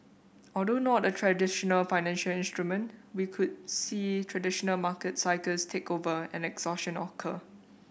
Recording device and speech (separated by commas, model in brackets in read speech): boundary microphone (BM630), read sentence